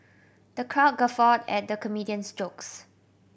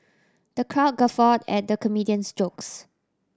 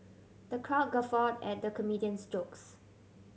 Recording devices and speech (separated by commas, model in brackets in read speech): boundary microphone (BM630), standing microphone (AKG C214), mobile phone (Samsung C7100), read sentence